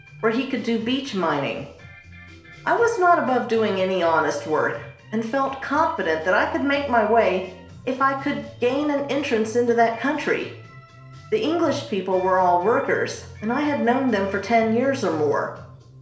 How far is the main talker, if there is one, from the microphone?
1.0 m.